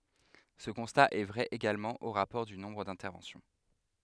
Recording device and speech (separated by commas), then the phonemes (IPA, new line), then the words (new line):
headset microphone, read sentence
sə kɔ̃sta ɛ vʁɛ eɡalmɑ̃ o ʁapɔʁ dy nɔ̃bʁ dɛ̃tɛʁvɑ̃sjɔ̃
Ce constat est vrai également au rapport du nombre d'interventions.